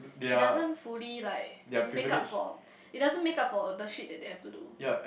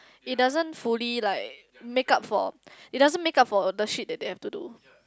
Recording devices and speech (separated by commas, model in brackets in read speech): boundary microphone, close-talking microphone, conversation in the same room